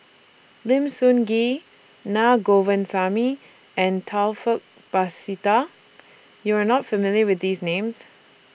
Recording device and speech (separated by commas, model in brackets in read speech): boundary microphone (BM630), read sentence